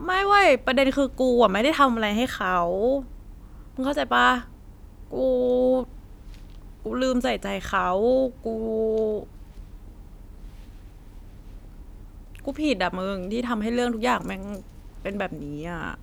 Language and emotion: Thai, frustrated